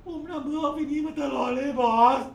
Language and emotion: Thai, sad